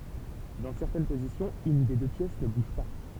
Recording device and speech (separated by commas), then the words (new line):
temple vibration pickup, read sentence
Dans certaines positions, une des deux pièces ne bouge pas.